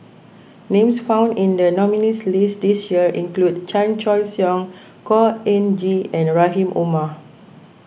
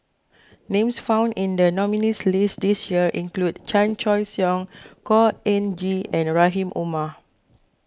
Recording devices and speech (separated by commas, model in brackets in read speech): boundary microphone (BM630), close-talking microphone (WH20), read sentence